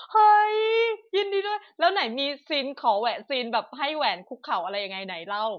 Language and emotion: Thai, happy